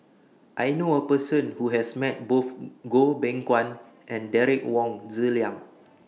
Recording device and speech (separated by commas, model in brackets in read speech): mobile phone (iPhone 6), read sentence